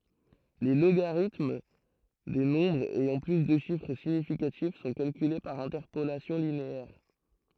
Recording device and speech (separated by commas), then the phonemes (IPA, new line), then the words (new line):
throat microphone, read sentence
le loɡaʁitm de nɔ̃bʁz ɛjɑ̃ ply də ʃifʁ siɲifikatif sɔ̃ kalkyle paʁ ɛ̃tɛʁpolasjɔ̃ lineɛʁ
Les logarithmes des nombres ayant plus de chiffres significatifs sont calculés par interpolation linéaire.